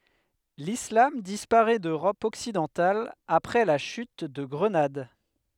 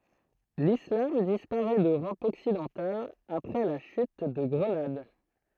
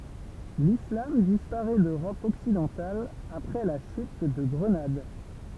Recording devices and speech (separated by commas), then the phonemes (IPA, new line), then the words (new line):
headset microphone, throat microphone, temple vibration pickup, read sentence
lislam dispaʁɛ døʁɔp ɔksidɑ̃tal apʁɛ la ʃyt də ɡʁənad
L’islam disparaît d’Europe occidentale après la chute de Grenade.